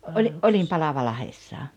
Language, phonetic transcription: Finnish, oĺi- , '’oĺim "Palavalahessaa .
- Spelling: - olin Palavalahdessa

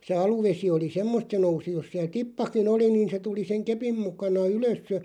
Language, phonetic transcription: Finnish, 'se "aluvesi oli "semmosᵗ se 'nousi jos siäl "tippaki'n ‿oli niin̬ se 'tuli seŋ 'kepim mukana "ylös (ja) ,.
- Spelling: se aluvesi oli semmoista se nousi jos siellä tippakin oli niin se tuli sen kepin mukana ylös ja

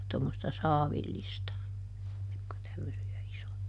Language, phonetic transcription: Finnish, tommosta "saavillista , (jokk ‿on) ˈtämmösi₍ä ˈisoja .
- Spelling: tuommoista saavillista jotka on tämmöisiä isoja

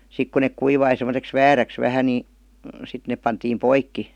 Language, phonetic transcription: Finnish, 'sik ku nek 'kuivai sem°seks "vääräks 'vähä ni , 'sit nep pantiim 'poikki .
- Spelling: sitten kun ne kuivui semmoiseksi vääräksi vähän niin sitten ne pantiin poikki

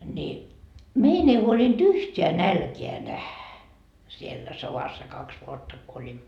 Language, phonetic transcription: Finnish, ni , "mein ‿ei 'huolint "yhteä "nälkeä 'nähä , siellä 'sovassa 'kaks 'vuotta ko oĺimmo .
- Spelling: niin meidän ei huolinut yhtään nälkää nähdä siellä sodassa kaksi vuotta kun olimme

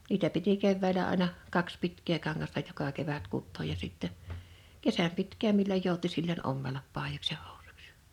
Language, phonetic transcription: Finnish, 'niitä piti 'kevvä̀ⁱlä 'àⁱna , 'kaks "pitk̆kee 'kaŋŋasta 'joka kevät 'kuttooj ja 'sìttɛ , "kesäm pitk̀ääm milloj 'jòuti silloń "’ommelap ’pàijoks ja 'hᴏᴜsᴜks ᴊᴀ .
- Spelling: niitä piti keväällä aina kaksi pitkää kangasta joka kevät kutoa ja sitten kesän pitkään milloin jouti silloin ommella paidoiksi ja housuiksi ja

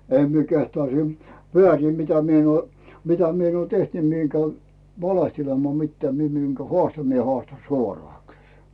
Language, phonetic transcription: Finnish, 'em mie kehtᵒà siim , "veä̀rìm mitä 'mie en ‿uò , mitä 'mi ‿en uò "teht ni mie eŋ 'käy , "valehtelemaa mitteää mie miŋkä "hᵒàsta mie 'hᵒàsta "suoroà kʏʟ .
- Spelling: en minä kehtaa siinä väärin mitä minä en ole mitä minä en ole tehty niin minä en käy valehtelemaan mitään minä minkä haastan minä haastan suoraan kyllä

